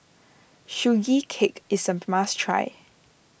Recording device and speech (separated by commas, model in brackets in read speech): boundary microphone (BM630), read sentence